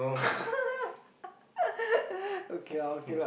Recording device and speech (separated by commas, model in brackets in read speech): boundary microphone, conversation in the same room